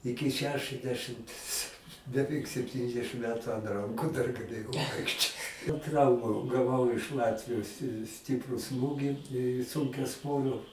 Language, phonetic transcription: Lithuanian, ˈiki ˈšešɨsˌdešɨmts beˈveik sepˈtyniasdešɨm ˈmetu ant ˈranku dar gaˈlėjau ˈvaikščiot ˈtrauma gaˈvau iš ˈlatvijos si ˈstipru ˈsmūgi sunkiaˈsvorio

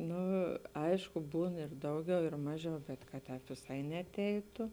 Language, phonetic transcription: Lithuanian, ˈnu ˈaišku ˈbūn ir ˈdauˌgiau ir ˈmaˌžiau bet kad ˈtēp viˈsai neaˈteitu

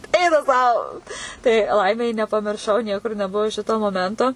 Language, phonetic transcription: Lithuanian, ˈeina sau tai ˈlaimei nepamirˈšau ˈniekur neˈbuo ˈšito moˈmento

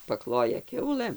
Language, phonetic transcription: Lithuanian, paˈkloja ˈkiaulɘm

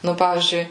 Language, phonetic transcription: Lithuanian, nu ˈpavyzdžiui

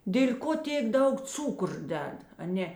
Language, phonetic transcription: Lithuanian, dėl' ˈko ˈtėk ˈdaug ˈcūkur ˈded aˈnė

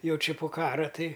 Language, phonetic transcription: Lithuanian, ˈjau ˈči po ˈkara ˈtai

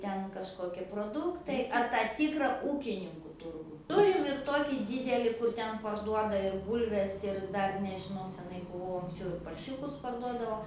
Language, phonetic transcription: Lithuanian, ˈten kažˈkokie proˈduktai ar ˈtą ˈtykra ˈūkininku ˈturgų ˈturim ir ˈtokį ˈdydeli kur ˈten parˈduoda ir ˈbūlves ir ˈdar nežiˈnau seˈnai buˈvau anksˈčiau ir parˈšiukus parˈduodavo

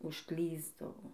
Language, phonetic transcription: Lithuanian, užˈklysdavo

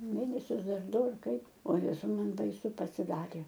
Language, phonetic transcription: Lithuanian, ˈmėnesius ˈdar ˈdu ar ˈkaip o ˈjezau ˈman baiˈsu pasiˈdarė

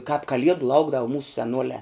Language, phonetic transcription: Lithuanian, kāp kaˈliedu ˈlaukdavo mūs seˈnuoliā

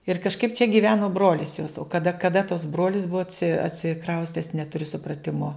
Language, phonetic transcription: Lithuanian, ir kažˈkaip čia giˈveno ˈbrolis jos o kaˈda kaˈda tas ˈbrolis ˈbuo atsi atsiˈkraustes netuˈriu supraˈtimo

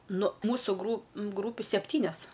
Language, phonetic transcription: Lithuanian, nu ˈmūsu gru ˈgrūpiu seˈptynias

